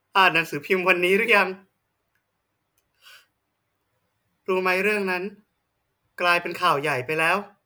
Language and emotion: Thai, sad